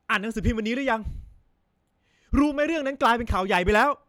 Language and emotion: Thai, angry